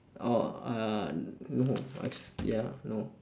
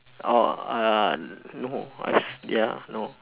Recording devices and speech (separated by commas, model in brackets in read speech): standing microphone, telephone, conversation in separate rooms